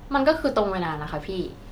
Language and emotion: Thai, frustrated